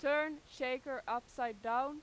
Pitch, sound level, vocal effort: 260 Hz, 97 dB SPL, very loud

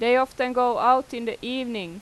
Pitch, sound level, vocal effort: 245 Hz, 92 dB SPL, loud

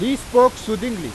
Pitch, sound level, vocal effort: 245 Hz, 100 dB SPL, very loud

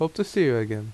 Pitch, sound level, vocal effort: 140 Hz, 79 dB SPL, normal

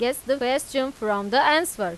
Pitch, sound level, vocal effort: 265 Hz, 94 dB SPL, loud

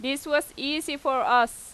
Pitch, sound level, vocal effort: 280 Hz, 92 dB SPL, loud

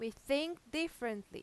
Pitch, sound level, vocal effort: 275 Hz, 89 dB SPL, loud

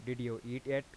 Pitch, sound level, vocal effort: 125 Hz, 89 dB SPL, normal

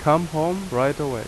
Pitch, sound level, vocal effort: 150 Hz, 85 dB SPL, very loud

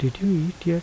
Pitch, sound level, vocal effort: 170 Hz, 75 dB SPL, soft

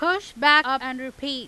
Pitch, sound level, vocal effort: 270 Hz, 99 dB SPL, very loud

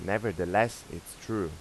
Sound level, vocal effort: 88 dB SPL, normal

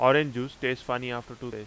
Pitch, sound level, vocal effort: 125 Hz, 92 dB SPL, loud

